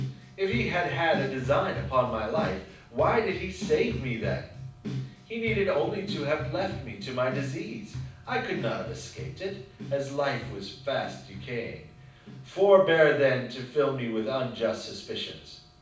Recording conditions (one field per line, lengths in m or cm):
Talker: one person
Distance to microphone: 5.8 m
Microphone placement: far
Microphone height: 1.8 m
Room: medium-sized (5.7 m by 4.0 m)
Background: music